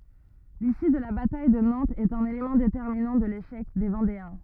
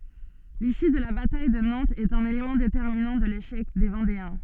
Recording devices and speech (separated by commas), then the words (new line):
rigid in-ear microphone, soft in-ear microphone, read sentence
L'issue de la bataille de Nantes est un élément déterminant de l'échec des Vendéens.